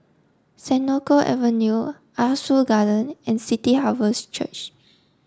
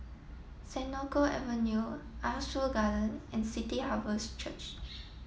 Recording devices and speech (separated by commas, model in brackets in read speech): standing microphone (AKG C214), mobile phone (iPhone 7), read sentence